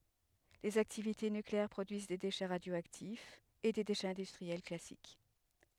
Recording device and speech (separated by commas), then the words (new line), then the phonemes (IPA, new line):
headset microphone, read sentence
Les activités nucléaires produisent des déchets radioactifs et des déchets industriels classiques.
lez aktivite nykleɛʁ pʁodyiz de deʃɛ ʁadjoaktifz e de deʃɛz ɛ̃dystʁiɛl klasik